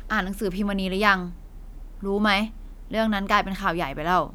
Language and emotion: Thai, frustrated